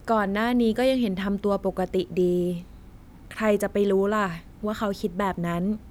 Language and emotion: Thai, neutral